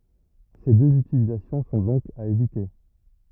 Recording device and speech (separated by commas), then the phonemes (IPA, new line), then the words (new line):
rigid in-ear microphone, read sentence
se døz ytilizasjɔ̃ sɔ̃ dɔ̃k a evite
Ces deux utilisations sont donc à éviter.